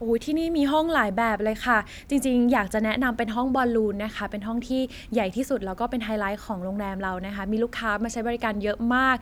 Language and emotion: Thai, happy